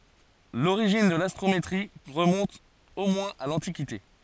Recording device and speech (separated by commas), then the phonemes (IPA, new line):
forehead accelerometer, read sentence
loʁiʒin də lastʁometʁi ʁəmɔ̃t o mwɛ̃z a lɑ̃tikite